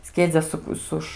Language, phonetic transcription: Lithuanian, ˈskiedzia ˈsuk ˈsuš

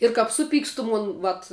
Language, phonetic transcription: Lithuanian, ir kap ˈsuˌpykstu ˈmon ˈvat

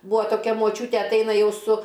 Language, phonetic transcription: Lithuanian, ˈbūa toˈkia moˈčiūtė atˈaina ˈjau su

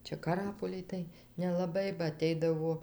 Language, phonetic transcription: Lithuanian, ˈčia kaˈrapolij tai nelaˈbai ba aˈteidavo

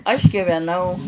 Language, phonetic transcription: Lithuanian, aš giveˈnau

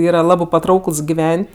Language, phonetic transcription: Lithuanian, ˈyra ˈlabɜ paˈtraukɘls giˈven't'

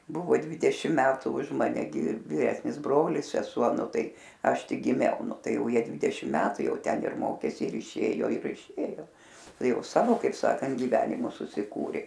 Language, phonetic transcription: Lithuanian, ˈbuvo ˈdvidešim ˈmetu už ˈmane gi viˈresnis ˈbrolis seˈsuo ˈnu ˈtai ˈaš ˈtik giˈmiau ˈnu ˈtai ˈjau ˈjie ˈdvidešim ˈmetu ˈjau ˈten ir ˈmokės ir iˈšėjo ir iˈšėjo ˈtai ˈjau ˈsavo kaip ˈsakant giˈvenimus susiˈkūrė

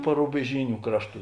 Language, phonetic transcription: Lithuanian, parubeˈžyniu ˈkrašˌtų

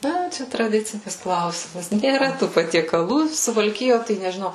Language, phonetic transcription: Lithuanian, ˈna ˈčia traˈdicinis ˈklausimas nėˈra ˈtų patiekaˈlų suvalˈkijo tai nežiˈnau

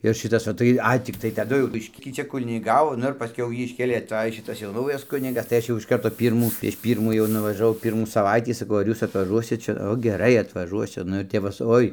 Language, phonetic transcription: Lithuanian, ir ˈšitas o ˈtai ˈai tikˈtai taˈdu jau ˈbiškį ˈčia kuniˈgavo ˈnu ir pasˈkiau ˈjį išˈkėlė aˈtaj ˈšitas jau naujas ˈkunigas tai ˈaš jau iš ˈkarto ˈpyrmų prieš ˈpyrmų jau nuvažaˈvau ˈpyrmų saˈvaitį saˈkau ar ˈjūs atvaˈžuosit ˈčia ˈo geˈrai atvaˈžuosiu ˈnu ir ˈtep va su ˈoi

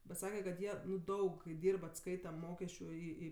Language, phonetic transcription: Lithuanian, bet ˈsake kad ˈjie ˈnu ˈdaug kai ˈdyrb atˈskaita ˈmokesčiu i i

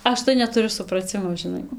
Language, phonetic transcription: Lithuanian, ˈaš tai netuˈriu supraˈcimo žiˈnai

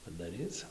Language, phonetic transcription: Lithuanian, padaˈryc

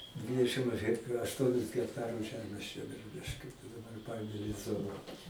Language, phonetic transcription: Lithuanian, ˈdvidešim aš hek ašˈtuonis hekˈtarus ˈžemės čia biˈruliškiu daˈbar ˈpaėmė lez ˈzona

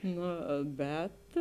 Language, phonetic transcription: Lithuanian, ˈno ˈbet

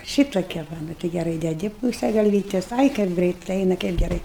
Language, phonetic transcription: Lithuanian, ˈšytokia ˈva ˈnu tai geˈrai deˈdi ˈpūse galˈvytes ˈai kaip ˈgrɜit ˈaina kaip geˈrai

